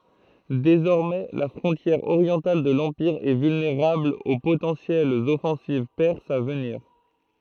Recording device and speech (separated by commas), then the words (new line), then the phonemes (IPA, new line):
throat microphone, read sentence
Désormais, la frontière orientale de l'Empire est vulnérable aux potentielles offensives perses à venir.
dezɔʁmɛ la fʁɔ̃tjɛʁ oʁjɑ̃tal də lɑ̃piʁ ɛ vylneʁabl o potɑ̃sjɛlz ɔfɑ̃siv pɛʁsz a vəniʁ